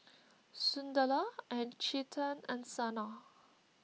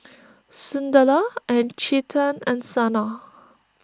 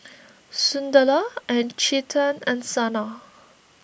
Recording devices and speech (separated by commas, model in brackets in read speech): mobile phone (iPhone 6), standing microphone (AKG C214), boundary microphone (BM630), read sentence